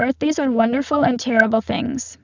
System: VC, spectral filtering